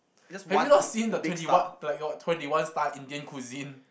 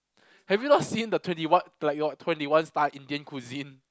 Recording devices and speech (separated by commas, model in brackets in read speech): boundary microphone, close-talking microphone, conversation in the same room